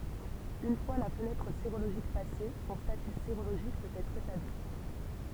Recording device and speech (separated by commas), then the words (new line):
temple vibration pickup, read sentence
Une fois la fenêtre sérologique passée, son statut sérologique peut être établi.